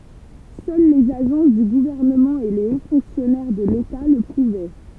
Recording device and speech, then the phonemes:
temple vibration pickup, read sentence
sœl lez aʒɑ̃s dy ɡuvɛʁnəmɑ̃ e le o fɔ̃ksjɔnɛʁ də leta lə puvɛ

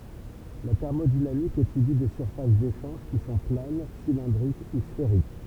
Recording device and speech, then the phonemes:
temple vibration pickup, read sentence
la tɛʁmodinamik etydi de syʁfas deʃɑ̃ʒ ki sɔ̃ plan silɛ̃dʁik u sfeʁik

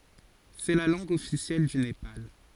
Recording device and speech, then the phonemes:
forehead accelerometer, read sentence
sɛ la lɑ̃ɡ ɔfisjɛl dy nepal

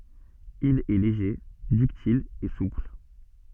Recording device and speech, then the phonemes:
soft in-ear microphone, read sentence
il ɛ leʒe dyktil e supl

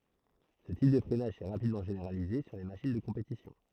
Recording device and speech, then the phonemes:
throat microphone, read sentence
sə tip də fʁɛnaʒ sɛ ʁapidmɑ̃ ʒeneʁalize syʁ le maʃin də kɔ̃petisjɔ̃

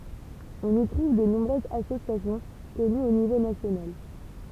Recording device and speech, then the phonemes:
temple vibration pickup, read sentence
ɔ̃n i tʁuv də nɔ̃bʁøzz asosjasjɔ̃ kɔnyz o nivo nasjonal

